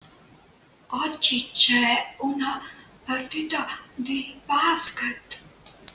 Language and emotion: Italian, fearful